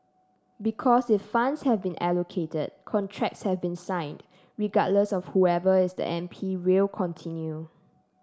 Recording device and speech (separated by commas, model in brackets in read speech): standing microphone (AKG C214), read sentence